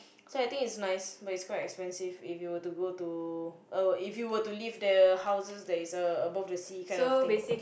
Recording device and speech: boundary microphone, conversation in the same room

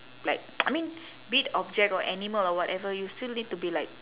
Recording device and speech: telephone, conversation in separate rooms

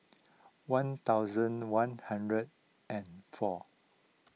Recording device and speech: mobile phone (iPhone 6), read sentence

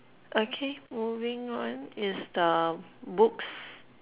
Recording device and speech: telephone, conversation in separate rooms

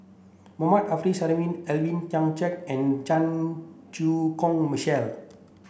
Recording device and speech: boundary microphone (BM630), read sentence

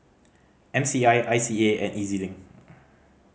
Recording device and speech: mobile phone (Samsung C5010), read sentence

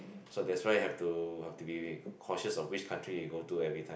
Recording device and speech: boundary microphone, conversation in the same room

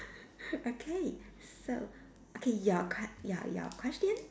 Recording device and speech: standing microphone, conversation in separate rooms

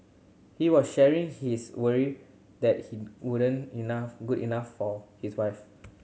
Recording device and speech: mobile phone (Samsung C7100), read sentence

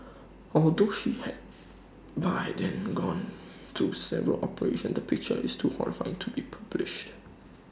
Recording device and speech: standing microphone (AKG C214), read sentence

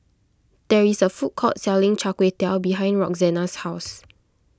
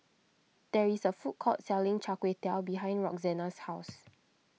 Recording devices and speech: close-talking microphone (WH20), mobile phone (iPhone 6), read sentence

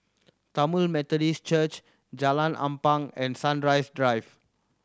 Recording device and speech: standing microphone (AKG C214), read sentence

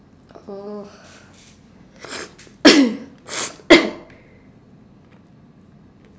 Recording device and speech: standing microphone, conversation in separate rooms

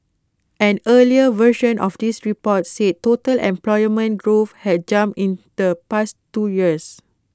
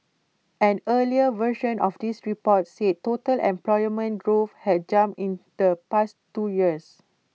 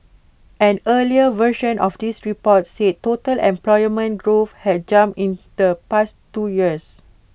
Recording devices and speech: close-talking microphone (WH20), mobile phone (iPhone 6), boundary microphone (BM630), read sentence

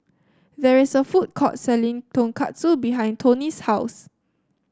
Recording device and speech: standing microphone (AKG C214), read sentence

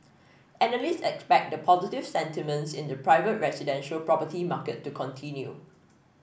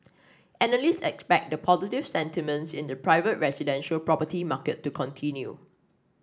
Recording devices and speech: boundary microphone (BM630), standing microphone (AKG C214), read sentence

